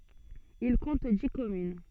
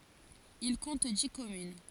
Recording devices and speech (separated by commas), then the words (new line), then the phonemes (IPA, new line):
soft in-ear microphone, forehead accelerometer, read sentence
Il compte dix communes.
il kɔ̃t di kɔmyn